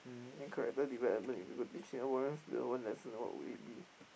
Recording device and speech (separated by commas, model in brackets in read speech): boundary microphone, conversation in the same room